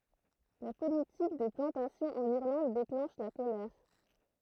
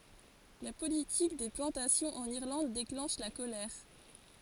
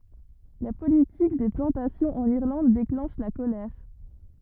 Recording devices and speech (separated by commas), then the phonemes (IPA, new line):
throat microphone, forehead accelerometer, rigid in-ear microphone, read sentence
la politik de plɑ̃tasjɔ̃z ɑ̃n iʁlɑ̃d deklɑ̃ʃ la kolɛʁ